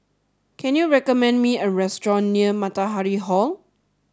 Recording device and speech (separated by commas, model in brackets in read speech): standing microphone (AKG C214), read sentence